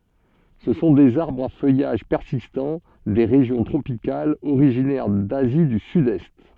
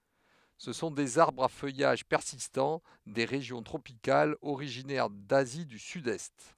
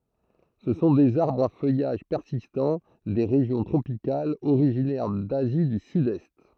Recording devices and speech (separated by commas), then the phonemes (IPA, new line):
soft in-ear microphone, headset microphone, throat microphone, read sentence
sə sɔ̃ dez aʁbʁz a fœjaʒ pɛʁsistɑ̃ de ʁeʒjɔ̃ tʁopikalz oʁiʒinɛʁ dazi dy sydɛst